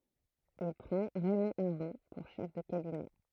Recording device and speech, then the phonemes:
throat microphone, read sentence
il pʁɑ̃ ʁɛmɔ̃ aʁɔ̃ puʁ ʃɛf də kabinɛ

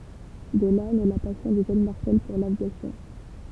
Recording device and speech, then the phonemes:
temple vibration pickup, read sentence
də la nɛ la pasjɔ̃ dy ʒøn maʁsɛl puʁ lavjasjɔ̃

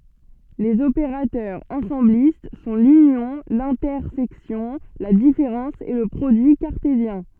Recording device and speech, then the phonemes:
soft in-ear microphone, read sentence
lez opeʁatœʁz ɑ̃sɑ̃blist sɔ̃ lynjɔ̃ lɛ̃tɛʁsɛksjɔ̃ la difeʁɑ̃s e lə pʁodyi kaʁtezjɛ̃

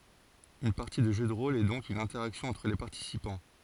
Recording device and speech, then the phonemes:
forehead accelerometer, read sentence
yn paʁti də ʒø də ʁol ɛ dɔ̃k yn ɛ̃tɛʁaksjɔ̃ ɑ̃tʁ le paʁtisipɑ̃

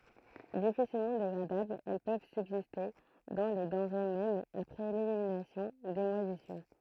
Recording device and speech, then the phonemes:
throat microphone, read sentence
difisilmɑ̃ deɡʁadablz ɛl pøv sybziste dɑ̃ le dɑ̃ʁe mɛm apʁɛ leliminasjɔ̃ de mwazisyʁ

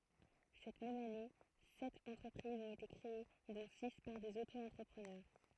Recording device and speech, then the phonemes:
throat microphone, read sentence
sɛt mɛm ane sɛt ɑ̃tʁəpʁizz ɔ̃t ete kʁee dɔ̃ si paʁ dez oto ɑ̃tʁəpʁənœʁ

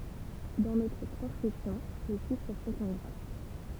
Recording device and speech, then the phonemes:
temple vibration pickup, read sentence
dɑ̃ notʁ tʁɑ̃skʁipsjɔ̃ le ʃifʁ sɔ̃t ɑ̃ ɡʁa

